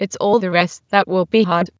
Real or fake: fake